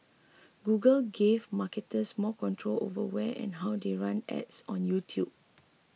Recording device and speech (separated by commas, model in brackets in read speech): mobile phone (iPhone 6), read sentence